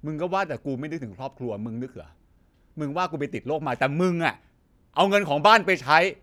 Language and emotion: Thai, angry